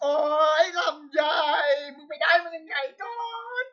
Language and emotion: Thai, happy